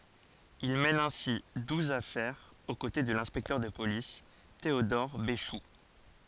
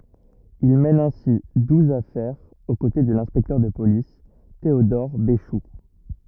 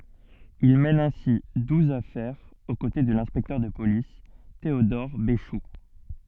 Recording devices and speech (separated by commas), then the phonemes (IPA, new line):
forehead accelerometer, rigid in-ear microphone, soft in-ear microphone, read sentence
il mɛn ɛ̃si duz afɛʁz o kote də lɛ̃spɛktœʁ də polis teodɔʁ beʃu